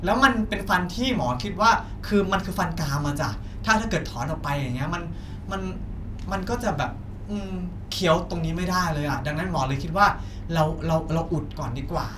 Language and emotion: Thai, neutral